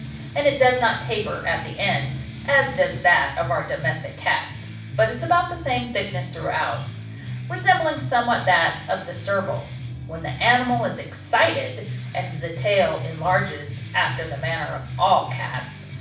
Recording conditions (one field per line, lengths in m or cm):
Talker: one person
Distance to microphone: 5.8 m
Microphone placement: far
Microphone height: 1.8 m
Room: medium-sized (5.7 m by 4.0 m)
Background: music